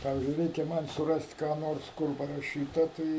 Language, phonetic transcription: Lithuanian, ˈpavizdžiui ˈreikia ˈman' suˈrast' ˈką ˈnors ˈkur paraˈšyta ˈtai

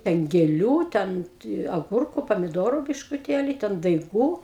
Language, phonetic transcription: Lithuanian, ˈten gėˈlių ˈten ti aˈgurku pamiˈdoru biškuˈtėli ˈten daiˈgų

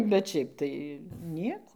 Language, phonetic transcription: Lithuanian, bet ˈšiaip tai ˈnieko

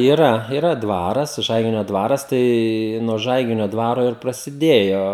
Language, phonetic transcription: Lithuanian, yˈra yˈra ˈdvaras ˈžaiginio ˈdvaras tai nuo ˈžaiginio ˈdvaro ir prasiˈdėjo

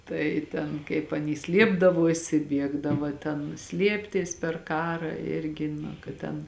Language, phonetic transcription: Lithuanian, ˈtai ten kaip aˈny ˈsliepdavosi ˈbiegdava ˈten ˈslieptis per ˈkarą ˈirgi na kad ˈten

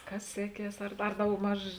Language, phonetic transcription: Lithuanian, ˈkas ˈseˌkies ar ar daugˈmaž

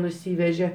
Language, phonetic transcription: Lithuanian, nuˈsyveže

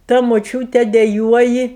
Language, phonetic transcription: Lithuanian, ta moˈčiūte deˈjuoji

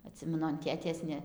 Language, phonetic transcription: Lithuanian, aˈtsimenu an ˈtėtės ne

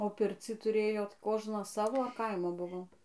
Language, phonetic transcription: Lithuanian, o ˈpircį tuˈrėjot ˈkožnas ˈsavo ar ˈkaimo ˈbuvo

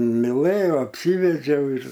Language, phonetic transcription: Lithuanian, miˈlɘjo apˈsyvedžiau ir

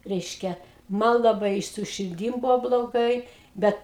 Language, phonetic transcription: Lithuanian, ˈreiškia ˈman laˈbai i su širˈdym ˈbuvo bloˈgai ˈbet

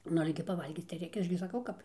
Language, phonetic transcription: Lithuanian, ˈnu ˈale gi paˈvalgyc tai ˈreikia ˈaš gi saˈkau ˈkap

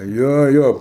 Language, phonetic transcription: Lithuanian, ˈjo ˈjo

